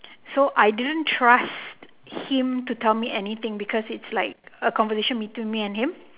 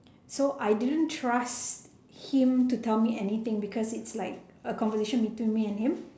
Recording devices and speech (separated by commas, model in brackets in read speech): telephone, standing microphone, conversation in separate rooms